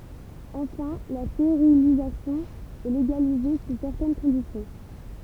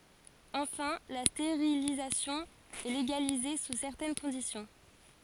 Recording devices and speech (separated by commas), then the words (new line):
temple vibration pickup, forehead accelerometer, read sentence
Enfin, la stérilisation est légalisée sous certaines conditions.